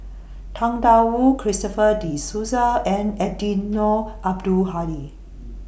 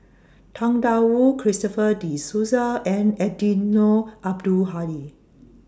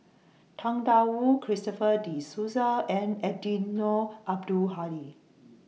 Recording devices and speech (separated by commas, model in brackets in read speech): boundary microphone (BM630), standing microphone (AKG C214), mobile phone (iPhone 6), read sentence